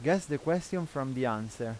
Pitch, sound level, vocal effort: 145 Hz, 87 dB SPL, normal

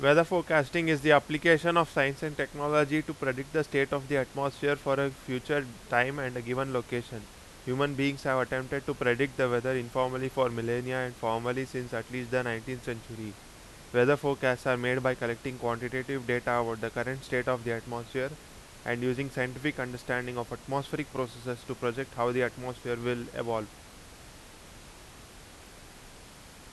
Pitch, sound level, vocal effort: 130 Hz, 90 dB SPL, very loud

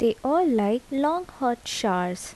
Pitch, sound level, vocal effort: 245 Hz, 77 dB SPL, soft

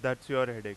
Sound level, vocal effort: 94 dB SPL, very loud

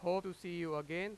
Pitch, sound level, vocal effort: 180 Hz, 97 dB SPL, very loud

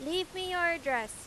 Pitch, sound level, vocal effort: 340 Hz, 97 dB SPL, very loud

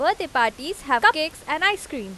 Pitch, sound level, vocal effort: 310 Hz, 93 dB SPL, loud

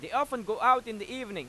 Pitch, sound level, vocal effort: 255 Hz, 100 dB SPL, very loud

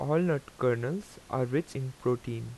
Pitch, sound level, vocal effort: 130 Hz, 83 dB SPL, normal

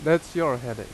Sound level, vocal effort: 87 dB SPL, very loud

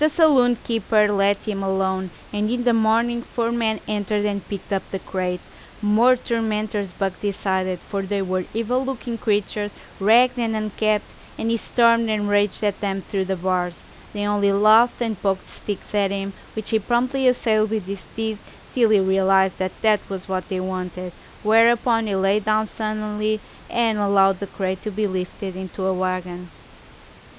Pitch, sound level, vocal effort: 205 Hz, 86 dB SPL, loud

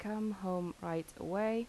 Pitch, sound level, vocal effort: 200 Hz, 82 dB SPL, soft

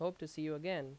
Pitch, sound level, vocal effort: 155 Hz, 87 dB SPL, loud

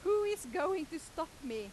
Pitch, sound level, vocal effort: 325 Hz, 97 dB SPL, very loud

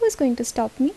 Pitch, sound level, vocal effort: 265 Hz, 76 dB SPL, soft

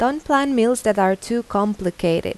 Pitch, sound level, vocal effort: 215 Hz, 85 dB SPL, normal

